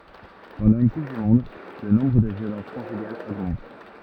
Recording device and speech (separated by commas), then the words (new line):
rigid in-ear microphone, read sentence
Pendant une Coupe du monde le nombre de violences conjugales augmentent.